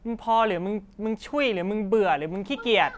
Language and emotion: Thai, angry